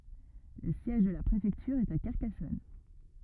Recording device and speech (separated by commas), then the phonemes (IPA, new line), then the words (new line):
rigid in-ear microphone, read sentence
lə sjɛʒ də la pʁefɛktyʁ ɛt a kaʁkasɔn
Le siège de la préfecture est à Carcassonne.